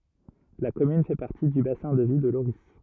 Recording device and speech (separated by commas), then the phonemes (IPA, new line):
rigid in-ear microphone, read sentence
la kɔmyn fɛ paʁti dy basɛ̃ də vi də loʁi